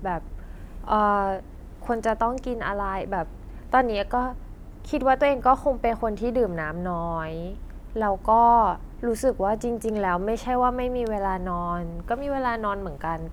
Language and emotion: Thai, neutral